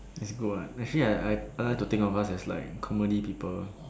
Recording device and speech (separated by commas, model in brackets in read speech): standing microphone, conversation in separate rooms